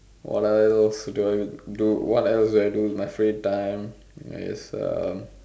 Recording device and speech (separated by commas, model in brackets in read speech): standing microphone, conversation in separate rooms